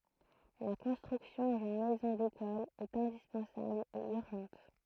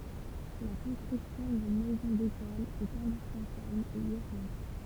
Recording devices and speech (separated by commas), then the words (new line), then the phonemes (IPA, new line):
throat microphone, temple vibration pickup, read sentence
La construction d'une Maison d'École est indispensable et urgente.
la kɔ̃stʁyksjɔ̃ dyn mɛzɔ̃ dekɔl ɛt ɛ̃dispɑ̃sabl e yʁʒɑ̃t